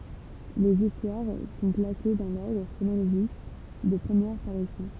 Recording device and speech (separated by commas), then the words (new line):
temple vibration pickup, read sentence
Les histoires sont classées dans l'ordre chronologique de première parution.